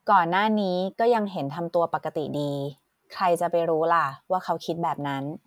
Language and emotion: Thai, neutral